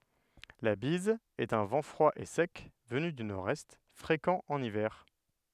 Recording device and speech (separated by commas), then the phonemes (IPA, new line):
headset microphone, read sentence
la biz ɛt œ̃ vɑ̃ fʁwa e sɛk vəny dy noʁɛst fʁekɑ̃ ɑ̃n ivɛʁ